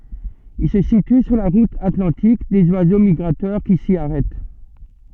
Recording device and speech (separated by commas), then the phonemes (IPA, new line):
soft in-ear microphone, read sentence
il sə sity syʁ la ʁut atlɑ̃tik dez wazo miɡʁatœʁ ki si aʁɛt